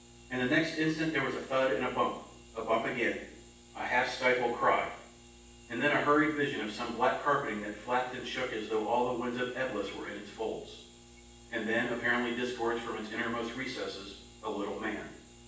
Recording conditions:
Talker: one person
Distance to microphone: 9.8 m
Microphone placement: far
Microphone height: 1.8 m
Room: large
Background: none

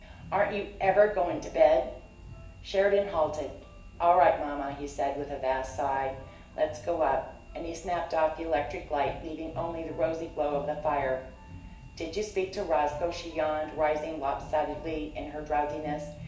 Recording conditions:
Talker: one person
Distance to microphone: 1.8 m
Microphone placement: close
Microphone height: 1.0 m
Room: large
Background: music

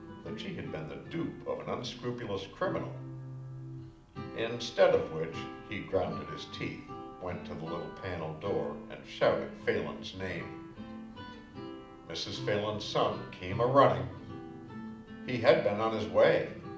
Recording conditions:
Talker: one person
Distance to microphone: 2.0 m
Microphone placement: close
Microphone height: 99 cm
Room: medium-sized (5.7 m by 4.0 m)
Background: music

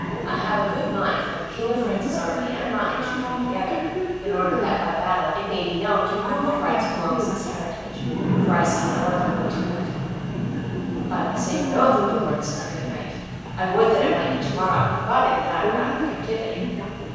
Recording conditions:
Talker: one person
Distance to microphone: 7.1 m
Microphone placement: far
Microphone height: 1.7 m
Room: very reverberant, large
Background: television

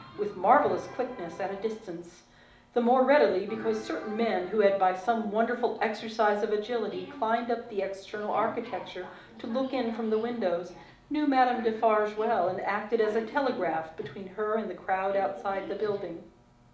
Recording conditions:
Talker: one person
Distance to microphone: 2.0 m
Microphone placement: close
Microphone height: 99 cm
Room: medium-sized (5.7 m by 4.0 m)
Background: television

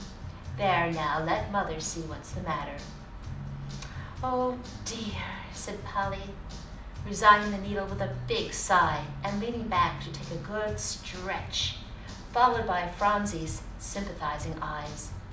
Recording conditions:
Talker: one person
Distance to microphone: 2.0 m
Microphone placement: close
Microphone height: 99 cm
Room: medium-sized (5.7 m by 4.0 m)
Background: music

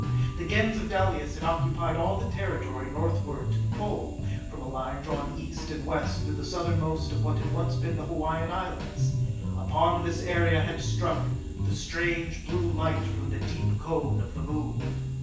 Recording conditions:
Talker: one person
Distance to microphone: 9.8 m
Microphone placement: far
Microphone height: 1.8 m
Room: large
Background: music

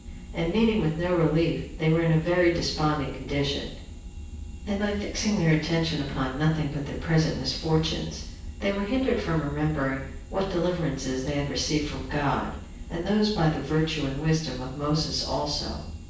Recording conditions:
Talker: one person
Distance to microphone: 9.8 m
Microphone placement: far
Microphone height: 1.8 m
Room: large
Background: none

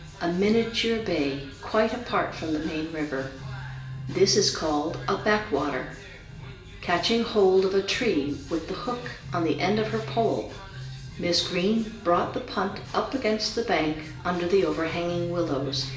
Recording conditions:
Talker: one person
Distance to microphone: 1.8 m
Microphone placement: close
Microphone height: 1.0 m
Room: large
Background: music

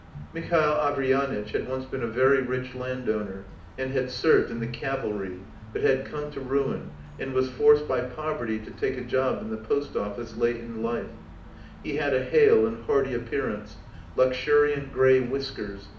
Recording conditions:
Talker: one person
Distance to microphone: 2.0 m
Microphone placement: close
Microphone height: 99 cm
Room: medium-sized (5.7 m by 4.0 m)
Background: music

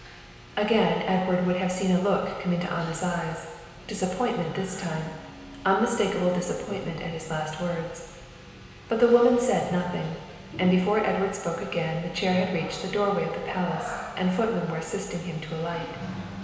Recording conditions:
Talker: one person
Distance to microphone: 1.7 m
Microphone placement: close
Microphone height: 1.0 m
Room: very reverberant, large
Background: television

